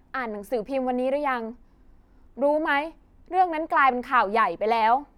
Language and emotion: Thai, neutral